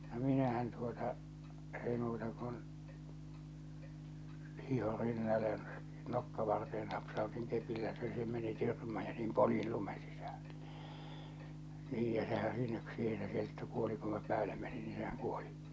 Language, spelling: Finnish, no minähän tuota ei muuta kuin hiihdin rinnalle ja nokkavarteen napsautin kepillä se se meni tyrmään ja niin poljin lumen sisälle niin ja sehän siinä siihen se kettu kuoli kun minä päälle menin niin sehän kuoli
- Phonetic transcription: no 'minähän tuota , èi muuta kun , 'hiho "rinnale ja , "nokkavarteen napsaotiŋ 'kepillä se se meni 'tyrmää ja niim 'poljil 'lumen sisᴀ̈ʟʟᴇ , 'niij ja sehän 'siinä 'siihe se 'kettu kuoli ku minä 'pääle menin nii sehäŋ 'kuoli .

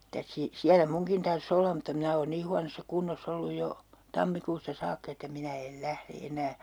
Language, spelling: Finnish, mitäs - siellä munkin tarvitsisi olla mutta minä olen niin huonossa kunnossa ollut jo tammikuusta saakka että minä en lähde enää
- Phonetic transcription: 'mitäs si- , 'siälä "muŋkin tar's ‿olla mutta 'minä oon 'nii huanossa 'kunnos's ‿olluj 'jo , 'tammikuusta 'saakkᵃ että 'minä el "lähre 'enää .

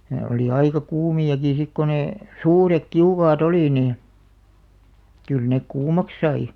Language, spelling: Finnish, ne oli aika kuumiakin sitten kun ne suuret kiukaat oli niin kyllä ne kuumaksi sai
- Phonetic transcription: ne 'oli aika "kuumi₍aki sik ko 'nè , "suurek 'kiukaa"t ‿oli nii , 'kyl nek "kuumak 'sai .

